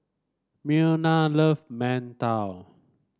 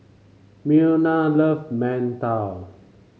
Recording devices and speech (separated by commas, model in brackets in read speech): standing microphone (AKG C214), mobile phone (Samsung C5), read sentence